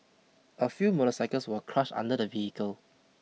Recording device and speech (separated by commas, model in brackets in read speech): mobile phone (iPhone 6), read sentence